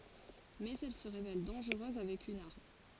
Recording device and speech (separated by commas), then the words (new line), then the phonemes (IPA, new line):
forehead accelerometer, read sentence
Mais elle se révèle dangereuse avec une arme.
mɛz ɛl sə ʁevɛl dɑ̃ʒʁøz avɛk yn aʁm